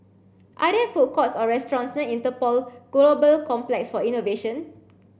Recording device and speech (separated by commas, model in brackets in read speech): boundary microphone (BM630), read sentence